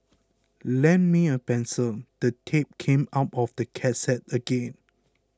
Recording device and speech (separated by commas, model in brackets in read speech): close-talking microphone (WH20), read sentence